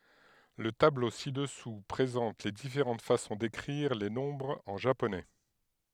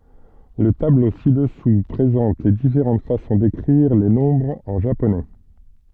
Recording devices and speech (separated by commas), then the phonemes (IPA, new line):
headset microphone, soft in-ear microphone, read sentence
lə tablo si dəsu pʁezɑ̃t le difeʁɑ̃t fasɔ̃ dekʁiʁ le nɔ̃bʁz ɑ̃ ʒaponɛ